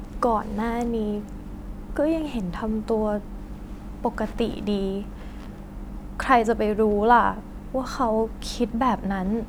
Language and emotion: Thai, sad